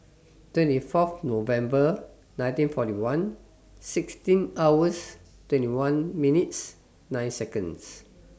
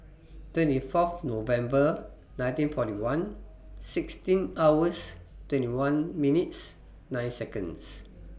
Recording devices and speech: standing microphone (AKG C214), boundary microphone (BM630), read sentence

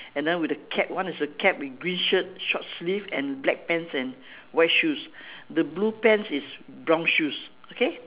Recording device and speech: telephone, conversation in separate rooms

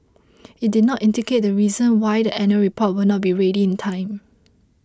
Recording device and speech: close-talking microphone (WH20), read sentence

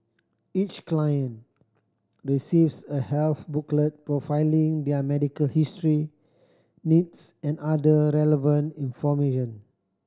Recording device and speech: standing microphone (AKG C214), read sentence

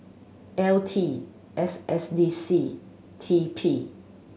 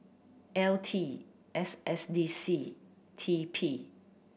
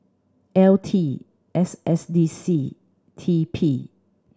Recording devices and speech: mobile phone (Samsung C7100), boundary microphone (BM630), standing microphone (AKG C214), read sentence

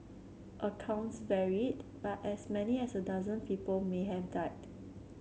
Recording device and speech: mobile phone (Samsung C7), read sentence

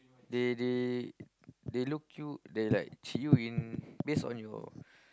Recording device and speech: close-talking microphone, conversation in the same room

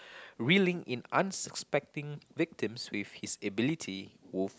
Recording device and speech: close-talking microphone, conversation in the same room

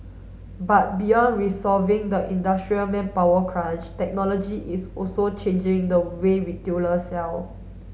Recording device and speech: mobile phone (Samsung S8), read sentence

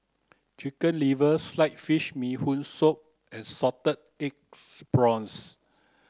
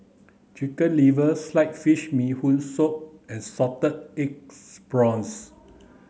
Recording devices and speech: close-talking microphone (WH30), mobile phone (Samsung C9), read sentence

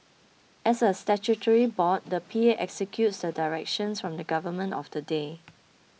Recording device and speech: mobile phone (iPhone 6), read sentence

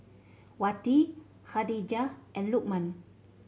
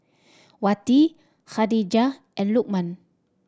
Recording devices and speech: mobile phone (Samsung C7100), standing microphone (AKG C214), read sentence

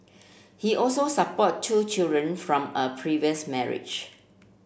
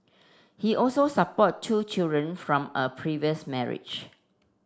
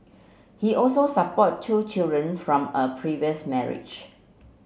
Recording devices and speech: boundary microphone (BM630), standing microphone (AKG C214), mobile phone (Samsung C7), read sentence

